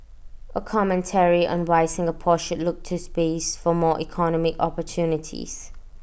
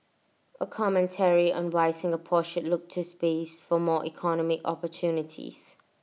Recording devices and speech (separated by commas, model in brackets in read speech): boundary microphone (BM630), mobile phone (iPhone 6), read sentence